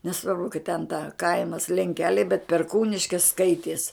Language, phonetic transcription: Lithuanian, neˈsvarbu kad ten ta ˈkaimas lenˈkeliai bet perˈkūniškis ˈskaities

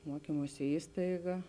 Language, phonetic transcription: Lithuanian, muoˈkymuosi ˈįstaiga

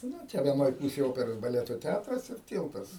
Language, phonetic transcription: Lithuanian, ˈnu ˈčia vieˈnoj ˈpūsėj ˈoperos baˈleto ˈtætras ir ˈtyltas

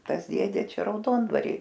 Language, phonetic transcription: Lithuanian, ˈtas ˈdėdė ˈčia rauˈdondvary

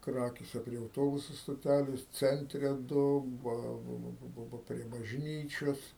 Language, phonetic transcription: Lithuanian, ˈkrakėse prie auˈtobusu stoˈtælės ˈcentre ˈdu ˈba ba ba ba ba prie bažˈnyčios

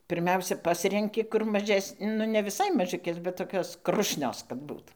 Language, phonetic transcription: Lithuanian, pirˈmiausia ˈpasrenki kur maˈžes' ˈ nu ne viˈsai maˈžiukės bet toˈkios ˈkrušnios kad ˈbūt

